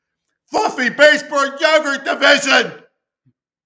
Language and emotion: English, fearful